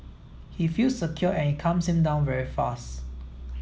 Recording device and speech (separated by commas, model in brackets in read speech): mobile phone (iPhone 7), read sentence